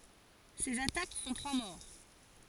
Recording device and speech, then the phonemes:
forehead accelerometer, read sentence
sez atak fɔ̃ tʁwa mɔʁ

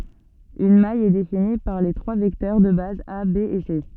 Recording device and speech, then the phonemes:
soft in-ear microphone, read sentence
yn maj ɛ defini paʁ le tʁwa vɛktœʁ də baz a be e se

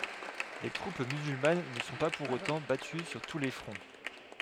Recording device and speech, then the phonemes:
headset microphone, read sentence
le tʁup myzylman nə sɔ̃ pa puʁ otɑ̃ baty syʁ tu le fʁɔ̃

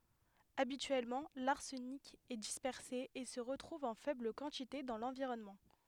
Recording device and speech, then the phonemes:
headset microphone, read sentence
abityɛlmɑ̃ laʁsənik ɛ dispɛʁse e sə ʁətʁuv ɑ̃ fɛbl kɑ̃tite dɑ̃ lɑ̃viʁɔnmɑ̃

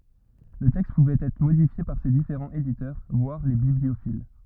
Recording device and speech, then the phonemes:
rigid in-ear microphone, read sentence
lə tɛkst puvɛt ɛtʁ modifje paʁ se difeʁɑ̃z editœʁ vwaʁ le bibliofil

